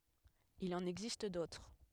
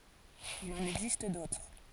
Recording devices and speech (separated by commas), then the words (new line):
headset microphone, forehead accelerometer, read sentence
Il en existe d'autres.